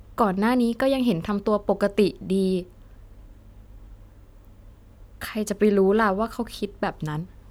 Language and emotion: Thai, sad